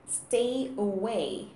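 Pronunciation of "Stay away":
'Stay away' is pronounced correctly here.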